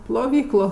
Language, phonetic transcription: Lithuanian, ploˈvyklo

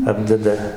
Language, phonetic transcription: Lithuanian, ˈapdeda

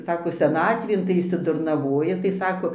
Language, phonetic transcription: Lithuanian, ˈsako seˈnatvėn tai išsidurnaˈvoja tai ˈsako

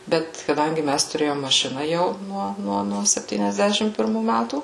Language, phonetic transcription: Lithuanian, ˈbet kaˈdangi ˈmæs tuˈrėjom maˈšina jau ˈnuo ˈnuo nuo septyniasˈdešim pirˈmų ˈmætų

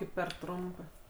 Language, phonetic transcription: Lithuanian, ˈkaip per ˈtrumpɜ

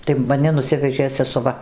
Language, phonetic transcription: Lithuanian, tai maˈni nuˈsivežė sesuˈva

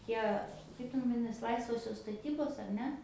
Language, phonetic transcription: Lithuanian, ˈtie ˈkaip ten vaˈdinas ˈlaisvosios staˈtybos ar ˈne

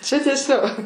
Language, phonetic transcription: Lithuanian, ˈčia ˈtieˈsio

